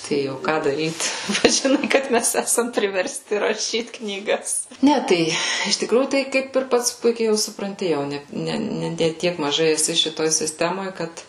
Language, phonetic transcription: Lithuanian, ˈtai o ˈką daˈryt ˈpats žiˈnai kad ˈmes ˈesam priversˈti raˈšyt knyˈgas ˈne ˈtai iš tikˈrųjų ˈtai ˈkaip ir ˈpats ˈpuikiai jau supranˈti jau ˈne ˈne ne ˈtiek maˈžai eˈsi šiˈtoj sisˈtemoj ˈkad

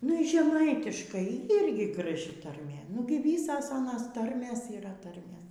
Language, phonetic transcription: Lithuanian, nu y žeˈmaitiškai ˈyrgi graˈži tarˈmė ˈnugi ˈvysas ˈanas ˈtarmės yˈra ˈtarmės

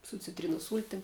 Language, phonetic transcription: Lithuanian, su citˈrynos ˈsūltim

